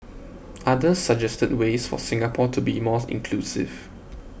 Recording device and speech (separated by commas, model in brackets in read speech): boundary microphone (BM630), read sentence